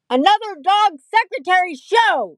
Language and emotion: English, neutral